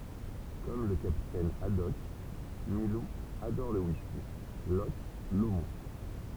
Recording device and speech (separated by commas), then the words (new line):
temple vibration pickup, read sentence
Comme le capitaine Haddock, Milou adore le whisky Loch Lomond.